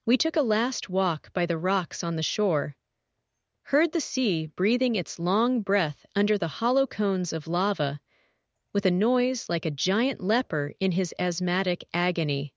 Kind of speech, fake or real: fake